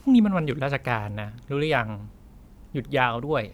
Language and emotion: Thai, neutral